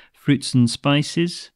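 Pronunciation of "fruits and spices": The d in 'and' is dropped, so 'fruits and spices' has no d sound in 'and'.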